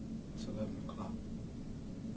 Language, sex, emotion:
English
male
neutral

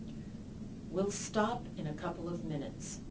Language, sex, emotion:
English
female
neutral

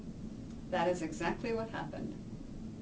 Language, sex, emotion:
English
female
neutral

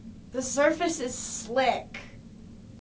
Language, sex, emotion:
English
female
disgusted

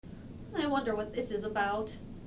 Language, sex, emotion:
English
female
fearful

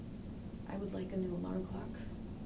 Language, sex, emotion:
English
female
neutral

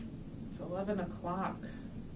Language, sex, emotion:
English
female
disgusted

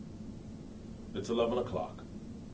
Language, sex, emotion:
English
male
neutral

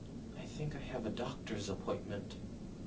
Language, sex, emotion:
English
male
neutral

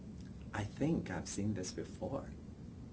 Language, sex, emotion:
English
male
neutral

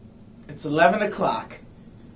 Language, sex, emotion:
English
male
happy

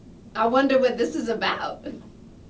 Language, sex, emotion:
English
female
happy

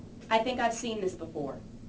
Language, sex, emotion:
English
female
neutral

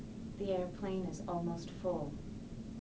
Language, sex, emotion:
English
female
neutral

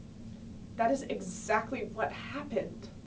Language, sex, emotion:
English
female
sad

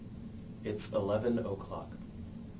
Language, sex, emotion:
English
male
neutral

